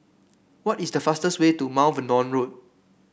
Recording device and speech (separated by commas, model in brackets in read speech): boundary microphone (BM630), read sentence